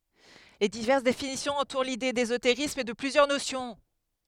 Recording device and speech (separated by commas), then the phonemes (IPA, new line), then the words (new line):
headset microphone, read sentence
le divɛʁs definisjɔ̃z ɑ̃tuʁ lide dezoteʁism də plyzjœʁ nosjɔ̃
Les diverses définitions entourent l’idée d’ésotérisme de plusieurs notions.